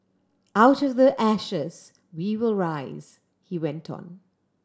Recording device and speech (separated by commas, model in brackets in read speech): standing microphone (AKG C214), read sentence